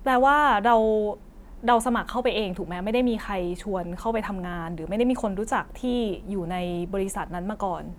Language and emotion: Thai, neutral